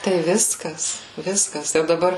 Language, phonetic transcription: Lithuanian, tai ˈviskas ˈviskas jau daˈbar

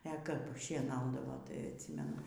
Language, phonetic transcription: Lithuanian, e kap šieˈnaudavo tai atˈsymenu

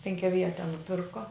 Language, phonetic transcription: Lithuanian, penkiaˈviete nuˈpirko

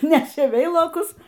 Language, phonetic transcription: Lithuanian, ˈnešė ˈveilokus

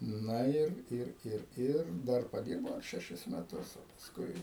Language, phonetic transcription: Lithuanian, ˈna ˈir ˈir ˈir ˈir ˈdar paˈdyrbau ar šeˈšis meˈtus o pasˈkui

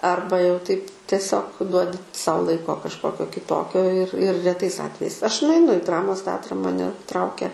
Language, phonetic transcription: Lithuanian, ˈarba jau taip tieˈsiog ˈduodi ˈsau ˈlaiko kažˈkokio kiˈtokio ir ir reˈtais ˈatvejais ˈaš nuaiˈnu i ˈdramos ˈteatra maˈne ˈtraukia

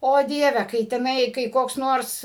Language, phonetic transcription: Lithuanian, o ˈdieve kai teˈnai kai koks ˈnors

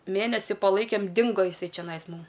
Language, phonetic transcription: Lithuanian, ˈmėnesi paˈlaikėm ˈdingo jiˈsai čeˈnais ˈmum

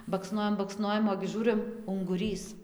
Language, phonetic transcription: Lithuanian, bakˈsnojam bakˈsnojam ogi ˈžūrɨm unguˈrys

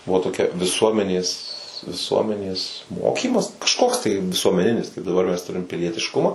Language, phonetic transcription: Lithuanian, ˈbuvo toˈkia viˈsuomenės viˈsuomenės ˈmokymas kažˈkoks tai visuomeˈninis kaip daˈbar mes ˈturim pilietišˈkumą

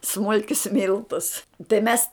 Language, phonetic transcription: Lithuanian, ˈsmulkius ˈmiltus tai ˈmes

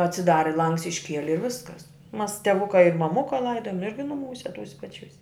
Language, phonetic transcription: Lithuanian, atsiˈdari ˈlangs išˈkieli i ˈviskas mas teˈvuka i maˈmuka ˈlaidojom ˈirgi nuˈmūse ˈtūse paˈčiūs'

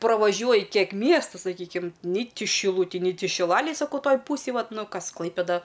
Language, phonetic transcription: Lithuanian, pravaˈžiuoji ˈkiek ˈmiestu saˈkykim ni ˈti šiˈlutij ni ˈti šiˈlalėj saˈkau ˈtoj ˈpūsėj ˈvat ˈnu ˈkas ˈklaipėda

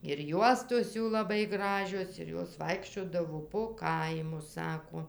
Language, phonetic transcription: Lithuanian, ir ˈjuostos ˈjų laˈbai ˈgražios ir ˈjos ˈvaikščiodavo po ˈkaimus ˈsako

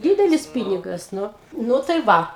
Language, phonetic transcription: Lithuanian, ˈdydelis ˈpynigas ˈnu ˈnu tai ˈva

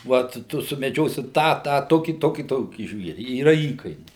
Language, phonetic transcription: Lithuanian, ˈvat ˈtu sumeˈdžiosi ˈtą ˈtą ˈtokį ˈtokį ˈtokį ˈžvieri yˈra ˈįkainiai

